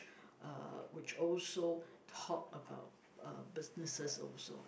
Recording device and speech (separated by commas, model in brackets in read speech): boundary microphone, conversation in the same room